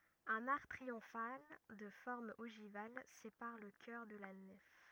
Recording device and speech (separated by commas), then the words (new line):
rigid in-ear microphone, read sentence
Un arc triomphal de forme ogivale sépare le chœur de la nef.